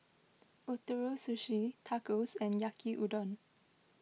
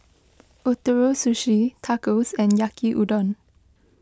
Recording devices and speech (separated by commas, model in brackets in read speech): mobile phone (iPhone 6), close-talking microphone (WH20), read sentence